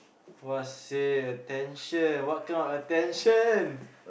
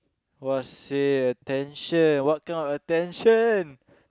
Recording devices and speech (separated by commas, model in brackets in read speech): boundary microphone, close-talking microphone, conversation in the same room